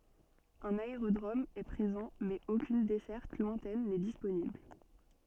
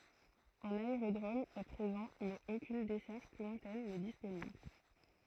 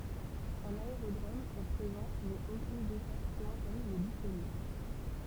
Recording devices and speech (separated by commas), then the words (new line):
soft in-ear microphone, throat microphone, temple vibration pickup, read sentence
Un aérodrome est présent mais aucune desserte lointaine n'est disponible.